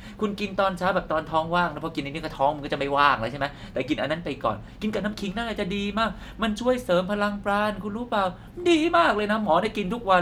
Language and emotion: Thai, happy